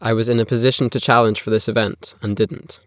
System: none